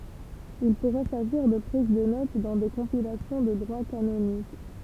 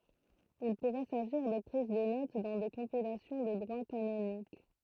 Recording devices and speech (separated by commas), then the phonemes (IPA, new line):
temple vibration pickup, throat microphone, read sentence
il puʁɛ saʒiʁ də pʁiz də not dɑ̃ de kɔ̃pilasjɔ̃ də dʁwa kanonik